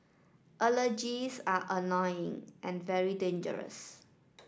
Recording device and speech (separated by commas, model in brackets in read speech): standing microphone (AKG C214), read sentence